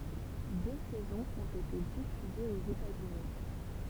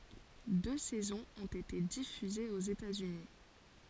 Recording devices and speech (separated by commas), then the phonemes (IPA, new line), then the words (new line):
temple vibration pickup, forehead accelerometer, read sentence
dø sɛzɔ̃z ɔ̃t ete difyzez oz etatsyni
Deux saisons ont été diffusées aux États-Unis.